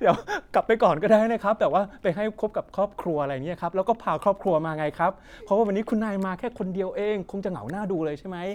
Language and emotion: Thai, happy